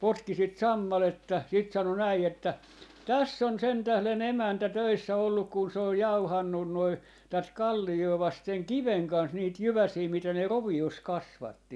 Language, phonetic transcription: Finnish, 'potki sit "sammaletta , 'sit 'sano 'näi että , » 'täss ‿on 'sen tählen "emäntä "töissä 'olluk kun se oj "jauhannun noi , 'tät "kalli₍oo 'vasten "kiveŋ kans niit "jyväsii 'mitä ne "rovi₍os 'kasvatti » .
- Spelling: potki sitä sammalta sitten sanoi näin että tässä on sen tähden emäntä töissä ollut kun se on jauhanut noin tätä kalliota vasten kiven kanssa niitä jyväsiä mitä ne roviossa kasvatti

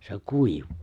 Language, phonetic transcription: Finnish, se 'kuiV̀(ᴜᴜ) .
- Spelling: se kuivaa

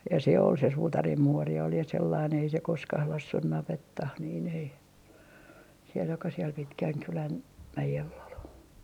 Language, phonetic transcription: Finnish, ja se 'ol se "suutarim 'muori ol ja 'sellain ei se "koskah 'lassuh 'navettah niin ‿ei , siel joka siel "Pitkäŋkylän , 'mäjell ‿ol .
- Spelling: ja se oli se suutarin muori oli ja sellainen ei se koskaan laskenut navettaan niin ei siellä joka siellä Pitkänkylän mäellä oli

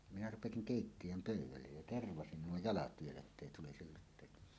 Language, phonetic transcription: Finnish, 'minä 'rupesiŋ "kèittiʲöm "pö̀yw̆wällej jä "tervasin 'nuo "jalat vielä ettèi 'tulisil 'lut̆tèita .
- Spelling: minä rupesin keittiön pöydälle ja tervasin nuo jalat vielä että ei tulisi luteita

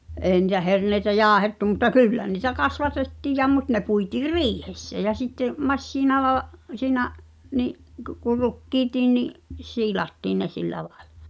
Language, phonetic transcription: Finnish, '’ee ni̳tä 'herneitä "jaahettu mutta "kyllä ni̳tä 'kasvatettiij ja mut ne puitiir "riihessä jä sitte’ , "massiinala’ , siinä’ , ni’ , kᵘ ku 'rukkiitii ni’ , 'siilattiin ne 'sillä laᴇʟᴀ .
- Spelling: ei niitä herneitä jauhettu mutta kyllä niitä kasvatettiin ja mutta ne puitiin riihessä ja sitten masiinalla siinä niin kuin kuin rukiitkin niin siilattiin ne sillä lailla

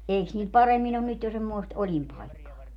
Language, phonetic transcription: Finnish, 'eiks niil 'paremmin ‿on nyt jo semmoest "oĺimpaikkaa ?
- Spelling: eikös niillä paremmin ole nyt jo semmoista olinpaikkaa

